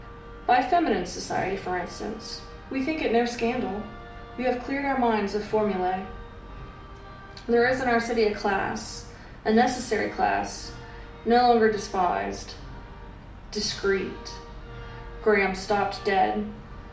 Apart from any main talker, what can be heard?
Music.